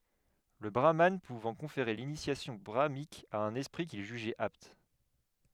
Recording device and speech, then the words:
headset microphone, read sentence
Le brahmane pouvant conférer l’initiation brahmanique à un esprit qu'il jugeait apte.

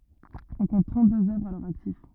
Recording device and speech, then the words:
rigid in-ear microphone, read sentence
On compte trente-deux œuvres à leur actif.

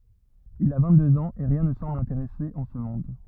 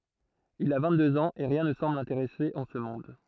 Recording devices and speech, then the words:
rigid in-ear microphone, throat microphone, read sentence
Il a vingt-deux ans et rien ne semble l’intéresser en ce monde.

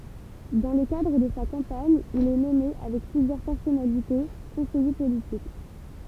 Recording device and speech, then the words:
temple vibration pickup, read sentence
Dans le cadre de sa campagne, il est nommé avec plusieurs personnalités conseiller politique.

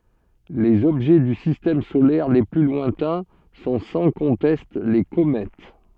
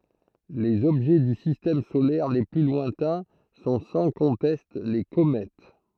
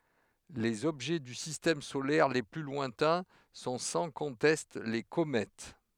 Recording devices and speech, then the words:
soft in-ear microphone, throat microphone, headset microphone, read sentence
Les objets du Système solaire les plus lointains sont sans conteste les comètes.

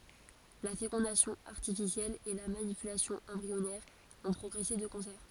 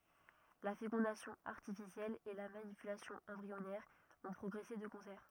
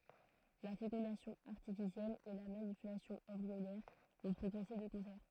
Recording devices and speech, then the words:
forehead accelerometer, rigid in-ear microphone, throat microphone, read sentence
La fécondation artificielle et la manipulation embryonnaire ont progressé de concert.

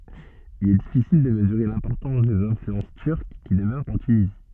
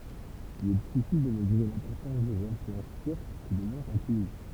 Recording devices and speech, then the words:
soft in-ear microphone, temple vibration pickup, read sentence
Il est difficile de mesurer l’importance des influences turques qui demeurent en Tunisie.

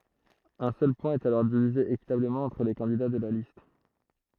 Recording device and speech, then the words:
throat microphone, read sentence
Un seul point est alors divisé équitablement entre les candidats de la liste.

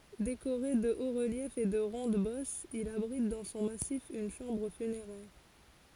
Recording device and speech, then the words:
forehead accelerometer, read sentence
Décoré de hauts-reliefs et de rondes-bosses, il abrite dans son massif une chambre funéraire.

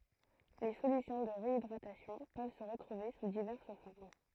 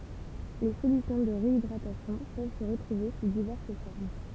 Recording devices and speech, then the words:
throat microphone, temple vibration pickup, read sentence
Les solutions de réhydratation peuvent se retrouver sous diverses formes.

